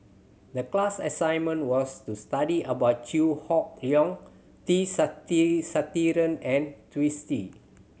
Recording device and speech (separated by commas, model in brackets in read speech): mobile phone (Samsung C7100), read sentence